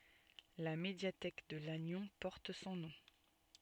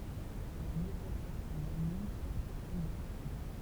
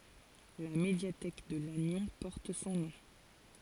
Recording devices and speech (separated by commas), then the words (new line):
soft in-ear microphone, temple vibration pickup, forehead accelerometer, read sentence
La médiathèque de Lannion porte son nom.